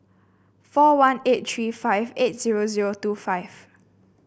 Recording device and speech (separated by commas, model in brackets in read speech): boundary microphone (BM630), read sentence